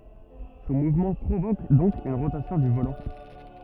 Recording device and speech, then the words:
rigid in-ear microphone, read sentence
Son mouvement provoque donc une rotation du volant.

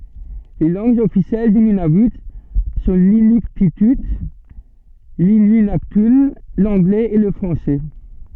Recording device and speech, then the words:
soft in-ear microphone, read sentence
Les langues officielles du Nunavut sont l'inuktitut, l'inuinnaqtun, l'anglais et le français.

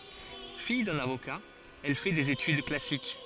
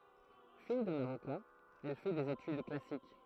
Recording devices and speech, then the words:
forehead accelerometer, throat microphone, read sentence
Fille d'un avocat, elle fait des études classiques.

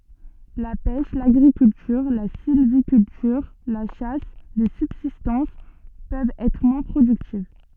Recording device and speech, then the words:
soft in-ear microphone, read sentence
La pêche, l'agriculture, la sylviculture, la chasse de subsistance peuvent être moins productives.

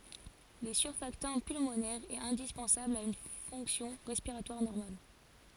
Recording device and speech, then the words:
forehead accelerometer, read sentence
Le surfactant pulmonaire est indispensable à une fonction respiratoire normale.

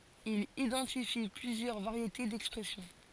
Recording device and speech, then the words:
forehead accelerometer, read sentence
Il identifie plusieurs variétés d'expression.

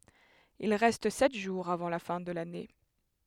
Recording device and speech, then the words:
headset microphone, read sentence
Il reste sept jours avant la fin de l'année.

